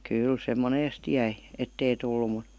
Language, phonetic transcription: Finnish, ''kyl se ''moneest 'jäi , 'ettei tullu mu ,.
- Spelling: kyllä se monesti jäi että ei tullut mutta

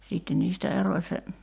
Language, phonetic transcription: Finnish, 'siitten niistä "eroⁱ se ,.
- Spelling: sitten niistä erosi se

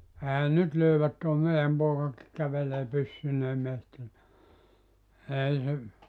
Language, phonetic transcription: Finnish, 'ehän 'nyt löyvät tòe 'mei₍äm 'pookaki kävelee 'pys- synee 'mehti₍ä , 'ei se ,.
- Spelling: eihän nyt löydä tuo meidän poikakin kävelee - - - pyssyineen metsiä ei se

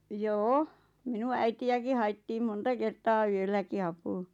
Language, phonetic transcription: Finnish, joo₍'o , 'minun 'äiti₍äki 'haittiim "monta "kertaa 'yölläki 'apuu .
- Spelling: joo minun äitiäkin haettiin monta kertaa yölläkin apuun

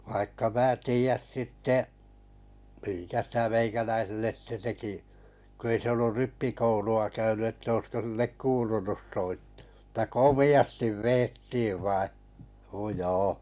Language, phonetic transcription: Finnish, vaikka 'mää 'tii₍äs 'sitte’ , miŋkä 'sitä 'meikäläiselles sⁱte 'teki , ko 'ei se ollur 'rippikoulu₍a 'käyny ᵉttä oisko sillek "kuulunus 'soitt(ᴀ) mutta "komi₍astiv "veettii vai , (n)o 'joo .
- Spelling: vaikka minä tiedä sitten minkä sitä meikäläiselle sitten teki kun ei se ollut rippikoulua käynyt että olisiko sille kuulunut soittaa mutta komeasti vedettiin vain no joo

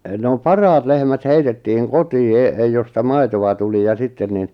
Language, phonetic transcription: Finnish, no "paraat lehmät 'heitettiʿʰʾiŋ "kotii e- , josta "maitowa tuli ja 'sitten nin ,.
- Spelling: no parhaat lehmät heitettiin kotiin - josta maitoa tuli ja sitten niin

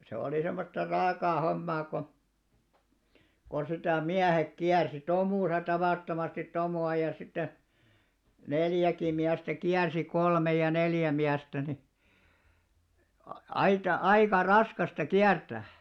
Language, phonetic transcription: Finnish, se olì semmosta 'raakaa 'hommaa ko , ko sitä̀ "miähek "kiärsi , 'tomùsa tavàttomastit 'tomù₍a ja sitte , "neljäkì miästä 'kiärsi 'kolmej ja 'neljä miästä ni , a- 'aita , 'aika "raskasta 'kiärtä̀ʰ .
- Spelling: se oli semmoista raakaa hommaa kun kun sitä miehet kiersi tomussa tavattomasti tomua ja sitten neljäkin miestä kiersi kolme ja neljä miestä niin - aita aika raskasta kiertää

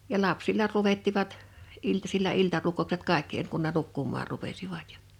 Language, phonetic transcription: Finnish, ja 'lapsilla 'luvettivat , 'iltasil̆la 'iltarukkoukset "kàekki (en) kun ne "nukkum̀aar rupesivat ᴊᴀ .
- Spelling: ja lapsilla luettivat iltasilla iltarukoukset kaikki - kun ne nukkumaan rupesivat ja

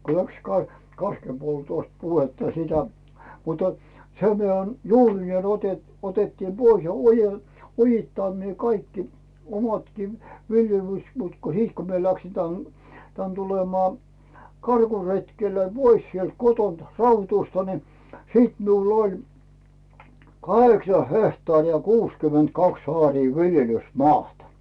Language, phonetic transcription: Finnish, ko läks 'ka- , 'kaskempoltòst puhetta sitä , mutᴀ , sem 'mitä , "juurinee ote- , otettiim 'Bois ja "oje- , "ojittànnee 'kaikki , omatkii , viljelys- , mut ko 'hit ko mie läksi 'tän , tän tulemaa , 'karkuretkellᴀ̈ "pois sielt 'kotont 'Rautusta ni , "siit miull ‿'oĺ , "kaheksa 'hehtaarì ja "kuuskyment ‿"kaks "aarii "viljelys"maata .
- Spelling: kun lähti - kaskenpoltosta puhetta sitä mutta sen mitä juurineen - otettiin pois ja - ojittaneet kaikki omatkin - mutta kun sitten kun minä lähdin tänne tänne tulemaan karkuretkelle pois sieltä kotoa Raudusta niin sitten minulla oli kahdeksan hehtaaria ja kuusikymmentä kaksi aaria viljelysmaata

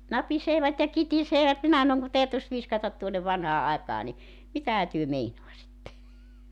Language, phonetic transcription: Finnish, "napiseevat ja "kitiseevät 'minä (s)anoŋ ku 'tä̀ytys 'viskatat tuonnov 'vanhaa 'aekaa ni , "mitähä työ 'meinoasitte .
- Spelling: napisevat ja kitisevät minä sanon kun täytyisi viskata tuonne vanhaan aikaan niin mitähän te meinaisitte

